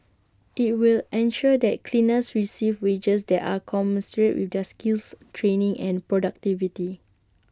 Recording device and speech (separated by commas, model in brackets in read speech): standing microphone (AKG C214), read sentence